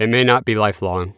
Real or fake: real